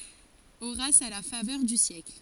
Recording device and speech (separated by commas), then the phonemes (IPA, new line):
forehead accelerometer, read sentence
oʁas a la favœʁ dy sjɛkl